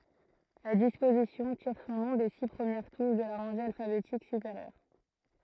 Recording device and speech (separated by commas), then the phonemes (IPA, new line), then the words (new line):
throat microphone, read sentence
la dispozisjɔ̃ tiʁ sɔ̃ nɔ̃ de si pʁəmjɛʁ tuʃ də la ʁɑ̃ʒe alfabetik sypeʁjœʁ
La disposition tire son nom des six premières touches de la rangée alphabétique supérieure.